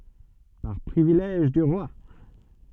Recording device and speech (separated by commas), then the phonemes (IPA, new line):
soft in-ear microphone, read sentence
paʁ pʁivilɛʒ dy ʁwa